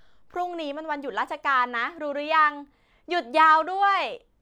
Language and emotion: Thai, happy